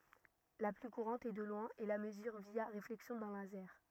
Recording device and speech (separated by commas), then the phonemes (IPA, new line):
rigid in-ear microphone, read sentence
la ply kuʁɑ̃t e də lwɛ̃ ɛ la məzyʁ vja ʁeflɛksjɔ̃ dœ̃ lazɛʁ